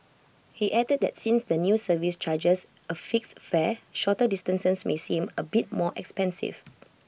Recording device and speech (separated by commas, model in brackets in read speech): boundary microphone (BM630), read sentence